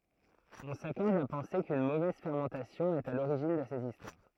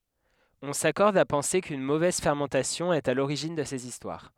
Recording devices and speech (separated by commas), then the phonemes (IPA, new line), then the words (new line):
throat microphone, headset microphone, read sentence
ɔ̃ sakɔʁd a pɑ̃se kyn movɛz fɛʁmɑ̃tasjɔ̃ ɛt a loʁiʒin də sez istwaʁ
On s'accorde à penser qu'une mauvaise fermentation est à l'origine de ces histoires.